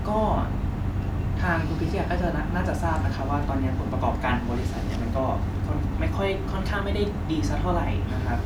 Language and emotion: Thai, neutral